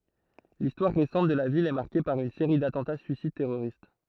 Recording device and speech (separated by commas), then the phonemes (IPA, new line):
throat microphone, read sentence
listwaʁ ʁesɑ̃t də la vil ɛ maʁke paʁ yn seʁi datɑ̃ta syisid tɛʁoʁist